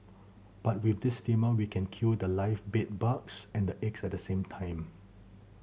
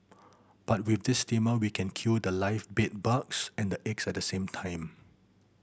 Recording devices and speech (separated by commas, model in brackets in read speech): mobile phone (Samsung C7100), boundary microphone (BM630), read sentence